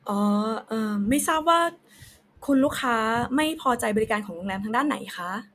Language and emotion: Thai, neutral